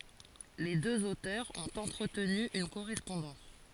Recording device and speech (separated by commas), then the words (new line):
forehead accelerometer, read sentence
Les deux auteurs ont entretenu une correspondance.